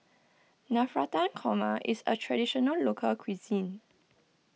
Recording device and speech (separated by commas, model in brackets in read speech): mobile phone (iPhone 6), read sentence